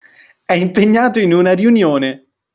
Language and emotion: Italian, happy